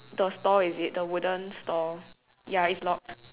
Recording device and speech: telephone, conversation in separate rooms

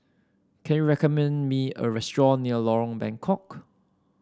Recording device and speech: standing microphone (AKG C214), read sentence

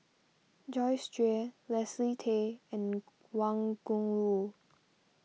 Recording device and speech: mobile phone (iPhone 6), read sentence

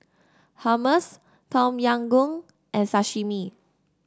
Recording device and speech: standing microphone (AKG C214), read sentence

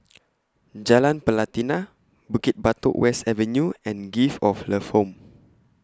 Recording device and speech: close-talking microphone (WH20), read sentence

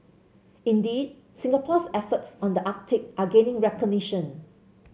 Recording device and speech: mobile phone (Samsung C7), read sentence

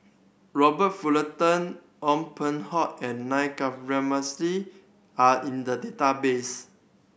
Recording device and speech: boundary microphone (BM630), read sentence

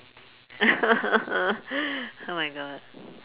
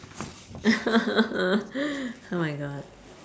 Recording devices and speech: telephone, standing microphone, conversation in separate rooms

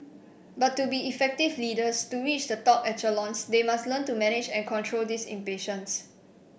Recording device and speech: boundary microphone (BM630), read sentence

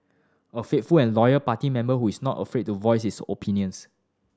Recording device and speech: standing microphone (AKG C214), read sentence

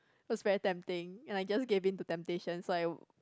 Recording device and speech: close-talking microphone, conversation in the same room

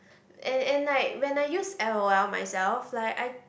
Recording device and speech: boundary microphone, conversation in the same room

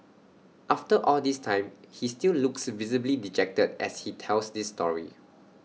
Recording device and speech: mobile phone (iPhone 6), read sentence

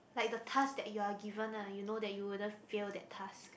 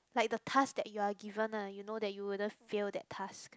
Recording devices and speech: boundary microphone, close-talking microphone, conversation in the same room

